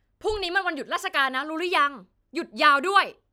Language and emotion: Thai, angry